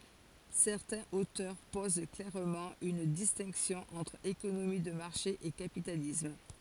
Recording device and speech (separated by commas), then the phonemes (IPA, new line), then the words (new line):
forehead accelerometer, read sentence
sɛʁtɛ̃z otœʁ poz klɛʁmɑ̃ yn distɛ̃ksjɔ̃ ɑ̃tʁ ekonomi də maʁʃe e kapitalism
Certains auteurs posent clairement une distinction entre économie de marché et capitalisme.